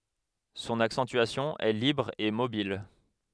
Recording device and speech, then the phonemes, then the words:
headset microphone, read sentence
sɔ̃n aksɑ̃tyasjɔ̃ ɛ libʁ e mobil
Son accentuation est libre et mobile.

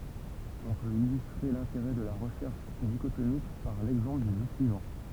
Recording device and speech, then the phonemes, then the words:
temple vibration pickup, read sentence
ɔ̃ pøt ilystʁe lɛ̃teʁɛ də la ʁəʃɛʁʃ diʃotomik paʁ lɛɡzɑ̃pl dy ʒø syivɑ̃
On peut illustrer l'intérêt de la recherche dichotomique par l'exemple du jeu suivant.

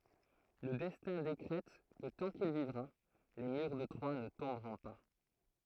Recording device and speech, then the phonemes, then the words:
throat microphone, read sentence
lə dɛstɛ̃ dekʁɛt kə tɑ̃ kil vivʁa le myʁ də tʁwa nə tɔ̃bʁɔ̃ pa
Le Destin décrète que tant qu'il vivra, les murs de Troie ne tomberont pas.

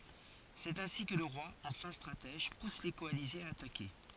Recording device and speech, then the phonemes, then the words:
forehead accelerometer, read sentence
sɛt ɛ̃si kə lə ʁwa ɑ̃ fɛ̃ stʁatɛʒ pus le kɔalizez a atake
C’est ainsi que le roi, en fin stratège, pousse les coalisés à attaquer.

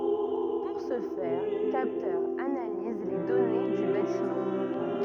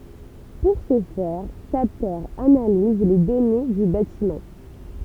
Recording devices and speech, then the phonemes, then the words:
rigid in-ear microphone, temple vibration pickup, read sentence
puʁ sə fɛʁ kaptœʁz analiz le dɔne dy batimɑ̃
Pour ce faire, capteurs analysent les données du bâtiment.

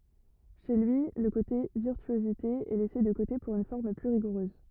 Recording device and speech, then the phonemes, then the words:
rigid in-ear microphone, read sentence
ʃe lyi lə kote viʁtyozite ɛ lɛse də kote puʁ yn fɔʁm ply ʁiɡuʁøz
Chez lui, le côté virtuosité est laissé de côté pour une forme plus rigoureuse.

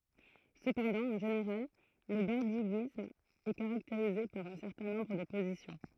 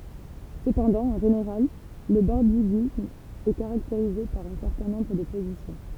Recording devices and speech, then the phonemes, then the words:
throat microphone, temple vibration pickup, read sentence
səpɑ̃dɑ̃ ɑ̃ ʒeneʁal lə bɔʁdiɡism ɛ kaʁakteʁize paʁ œ̃ sɛʁtɛ̃ nɔ̃bʁ də pozisjɔ̃
Cependant, en général, le bordiguisme est caractérisé par un certain nombre de positions.

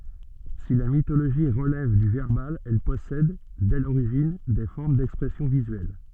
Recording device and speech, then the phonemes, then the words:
soft in-ear microphone, read sentence
si la mitoloʒi ʁəlɛv dy vɛʁbal ɛl pɔsɛd dɛ loʁiʒin de fɔʁm dɛkspʁɛsjɔ̃ vizyɛl
Si la mythologie relève du verbal, elle possède, dès l'origine, des formes d'expression visuelle.

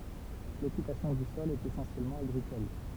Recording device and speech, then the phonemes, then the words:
temple vibration pickup, read sentence
lɔkypasjɔ̃ dy sɔl ɛt esɑ̃sjɛlmɑ̃ aɡʁikɔl
L’occupation du sol est essentiellement agricole.

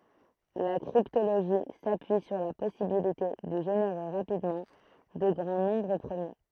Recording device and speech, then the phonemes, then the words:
throat microphone, read sentence
la kʁiptoloʒi sapyi syʁ la pɔsibilite də ʒeneʁe ʁapidmɑ̃ də ɡʁɑ̃ nɔ̃bʁ pʁəmje
La cryptologie s'appuie sur la possibilité de générer rapidement de grands nombres premiers.

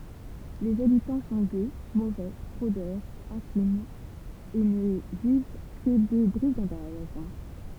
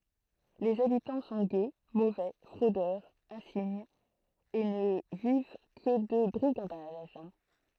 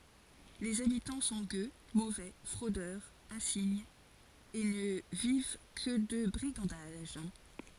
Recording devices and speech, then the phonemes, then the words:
temple vibration pickup, throat microphone, forehead accelerometer, read sentence
lez abitɑ̃ sɔ̃ ɡø movɛ fʁodœʁz ɛ̃siɲz e nə viv kə də bʁiɡɑ̃daʒ
Les habitants sont gueux, mauvais, fraudeurs insignes, et ne vivent que de brigandages.

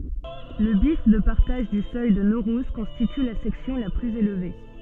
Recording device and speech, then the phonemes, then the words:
soft in-ear microphone, read sentence
lə bjɛf də paʁtaʒ dy sœj də noʁuz kɔ̃stity la sɛksjɔ̃ la plyz elve
Le bief de partage du seuil de Naurouze constitue la section la plus élevée.

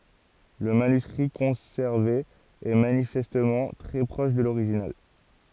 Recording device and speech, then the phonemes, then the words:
forehead accelerometer, read sentence
lə manyskʁi kɔ̃sɛʁve ɛ manifɛstmɑ̃ tʁɛ pʁɔʃ də loʁiʒinal
Le manuscrit conservé est manifestement très proche de l’original.

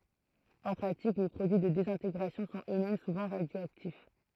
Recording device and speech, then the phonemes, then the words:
throat microphone, read sentence
ɑ̃ pʁatik le pʁodyi də dezɛ̃teɡʁasjɔ̃ sɔ̃t øksmɛm suvɑ̃ ʁadjoaktif
En pratique, les produits de désintégration sont eux-mêmes souvent radioactifs.

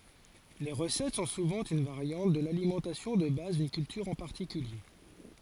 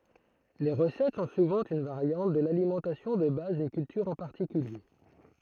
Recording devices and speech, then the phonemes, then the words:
forehead accelerometer, throat microphone, read sentence
le ʁəsɛt sɔ̃ suvɑ̃ yn vaʁjɑ̃t də lalimɑ̃tasjɔ̃ də baz dyn kyltyʁ ɑ̃ paʁtikylje
Les recettes sont souvent une variante de l'alimentation de base d'une culture en particulier.

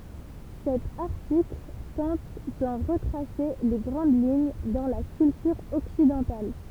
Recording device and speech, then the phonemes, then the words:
temple vibration pickup, read sentence
sɛt aʁtikl tɑ̃t dɑ̃ ʁətʁase le ɡʁɑ̃d liɲ dɑ̃ la kyltyʁ ɔksidɑ̃tal
Cet article tente d'en retracer les grandes lignes dans la culture occidentale.

